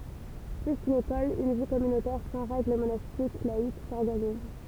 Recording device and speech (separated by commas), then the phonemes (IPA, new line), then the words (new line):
temple vibration pickup, read sentence
ply kyn ekɔl yn vi kɔmynotɛʁ sɑ̃ ʁɛɡl monastik laik sɔʁɡaniz
Plus qu'une école, une vie communautaire sans règle monastique, laïque, s'organise.